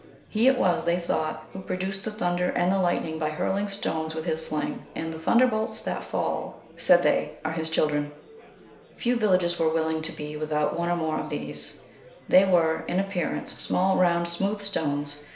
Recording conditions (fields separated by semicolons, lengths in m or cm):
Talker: one person; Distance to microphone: 1.0 m; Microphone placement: close; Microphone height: 1.1 m; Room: small (3.7 m by 2.7 m); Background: babble